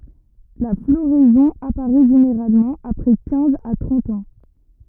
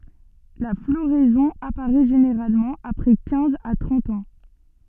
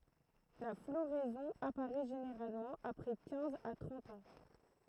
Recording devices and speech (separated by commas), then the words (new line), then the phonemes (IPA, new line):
rigid in-ear microphone, soft in-ear microphone, throat microphone, read sentence
La floraison apparaît généralement après quinze à trente ans.
la floʁɛzɔ̃ apaʁɛ ʒeneʁalmɑ̃ apʁɛ kɛ̃z a tʁɑ̃t ɑ̃